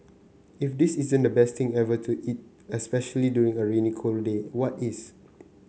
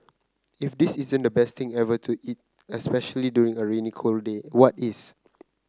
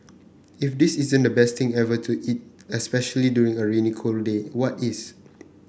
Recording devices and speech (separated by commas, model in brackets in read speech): mobile phone (Samsung C9), close-talking microphone (WH30), boundary microphone (BM630), read sentence